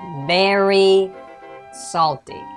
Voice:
High pitched